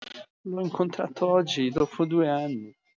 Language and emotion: Italian, sad